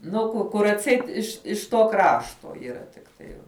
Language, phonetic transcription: Lithuanian, nu ˈku ˈkur atˈseit iš iš to ˈkrašto yˈra tikˈtai

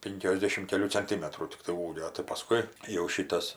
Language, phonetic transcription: Lithuanian, ˈpinkiosdešim keˈlių canˈtimetrų tikˈtai ˈūgio tai paˈskui jau ˈšytas

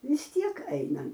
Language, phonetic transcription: Lithuanian, vis ˈtiek ˈaina

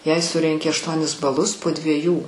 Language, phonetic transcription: Lithuanian, jei ˈsurenki ašˈtuonis baˈlus po dvieˈjų

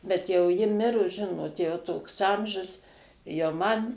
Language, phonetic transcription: Lithuanian, bet ˈjau ˈji ˈmirus ˈžinot jau ˈtoks ˈamžius jau ˈman

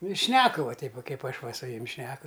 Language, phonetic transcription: Lithuanian, nu i ˈšneku va ˈteip va ˈkaip ˈaš ˈva su ˈjum' ˈšneku

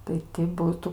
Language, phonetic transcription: Lithuanian, tai ti ˈbūtu

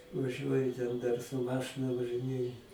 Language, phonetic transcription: Lithuanian, vaˈžiuoju ten dar su ˈmašɨna važɨˈnėju

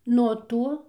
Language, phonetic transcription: Lithuanian, nuo ˈto

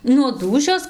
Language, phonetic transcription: Lithuanian, nuo ˈdūšios

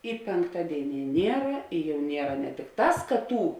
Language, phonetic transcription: Lithuanian, i pėnkˈtadėiˌnie ˈniera i jau ˈniera ne tikˈtās ka ˈtų

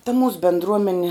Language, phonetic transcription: Lithuanian, ta mūs bendˈruomene

